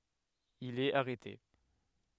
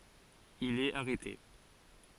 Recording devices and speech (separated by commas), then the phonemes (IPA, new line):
headset microphone, forehead accelerometer, read sentence
il ɛt aʁɛte